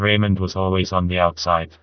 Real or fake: fake